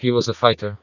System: TTS, vocoder